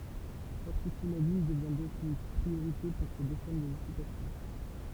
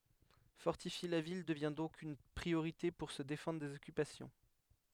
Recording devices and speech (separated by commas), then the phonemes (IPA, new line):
temple vibration pickup, headset microphone, read sentence
fɔʁtifje la vil dəvɛ̃ dɔ̃k yn pʁioʁite puʁ sə defɑ̃dʁ dez ɔkypasjɔ̃